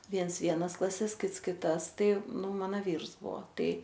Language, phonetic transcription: Lithuanian, ˈviens ˈvienas klaˈses ˈkits kiˈtas ˈtai ˈnu ˈmano ˈvyrs ˈbuo ˈtai

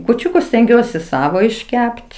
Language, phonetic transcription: Lithuanian, kūˈčiukus stenˈgiuosi ˈsavo išˈkept

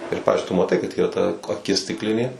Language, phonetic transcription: Lithuanian, ir ˈpavizdžiui tu maˈtai kad ˈyra ta aˈkis stikˈlinė

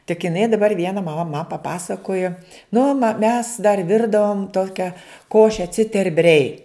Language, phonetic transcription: Lithuanian, tik iˈnai daˈbar ˈviena maˈma ma paˈpasakojo ˈnu ma mes dar ˈvirdavom ˈtokia ˈkoše citerˈbrei

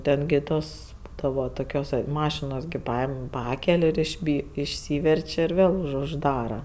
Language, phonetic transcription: Lithuanian, ˈten gi ˈtos ˈbūdavo ˈtokios ˈmašinos gi ˈpaim ˈpakel' išˈby išˈsyver'č' ir ˈvėl užˈdara

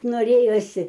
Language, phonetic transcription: Lithuanian, noˈrėjosi

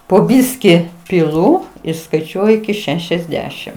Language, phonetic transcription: Lithuanian, po ˈbiski piˈlu ir skaiˈčiuoju iki ˈšešiasˌdešim

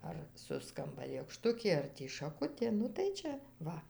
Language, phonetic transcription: Lithuanian, ar ˈsuskamba lėkˈštukė ar ˈtį šaˈkutė nu tai ˈčia ˈva

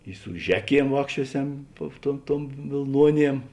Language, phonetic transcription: Lithuanian, i su ˈžeˌkiem ˈvākščiuoˌsem tuo tuom ˈtuom vėlˈnuoˌniem

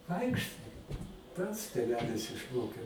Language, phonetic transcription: Lithuanian, ˈvaikštai ˈpats tėˈvelis išˈmokė

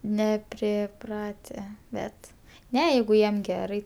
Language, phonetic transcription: Lithuanian, nepriˈprate ˈbet ˈne ˈjeigu ˈjiem ˈgerai

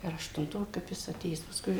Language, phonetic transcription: Lithuanian, ar aštunˈto kap ˈjis aˈtėjęs paˈskui

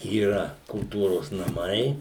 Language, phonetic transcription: Lithuanian, yˈra kulˈtūros naˈmai

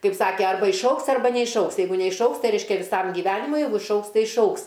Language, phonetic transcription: Lithuanian, ˈkaip ˈsake ˈarba išˈaugs ˈarba neišˈaugs jeiˈgu neišˈaugs ˈtai ˈreiškia viˈsam gyˈvenimui ˈjeigu išˈaugs ˈtai išˈaugs

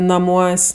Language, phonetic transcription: Lithuanian, naˈmuos'

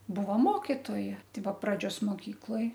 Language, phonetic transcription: Lithuanian, ˈbuvo ˈmokitoja ˈtai ˈbuo praˈdžios moˈkykloj

